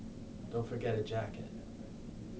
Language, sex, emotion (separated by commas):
English, male, neutral